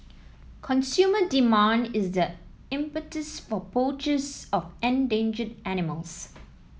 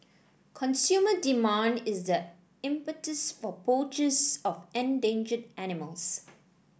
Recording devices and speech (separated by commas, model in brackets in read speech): mobile phone (iPhone 7), boundary microphone (BM630), read sentence